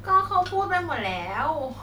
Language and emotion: Thai, happy